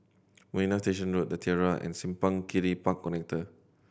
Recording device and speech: boundary microphone (BM630), read sentence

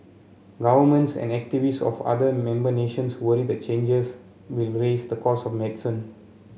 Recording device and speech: mobile phone (Samsung C7), read sentence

